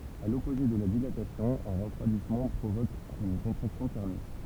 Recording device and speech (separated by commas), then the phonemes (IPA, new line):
temple vibration pickup, read sentence
a lɔpoze də la dilatasjɔ̃ œ̃ ʁəfʁwadismɑ̃ pʁovok yn kɔ̃tʁaksjɔ̃ tɛʁmik